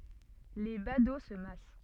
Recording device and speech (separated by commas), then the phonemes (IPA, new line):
soft in-ear microphone, read sentence
le bado sə mas